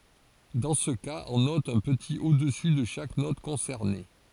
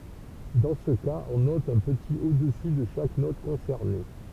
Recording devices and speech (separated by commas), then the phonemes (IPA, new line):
forehead accelerometer, temple vibration pickup, read sentence
dɑ̃ sə kaz ɔ̃ nɔt œ̃ pətit odəsy də ʃak nɔt kɔ̃sɛʁne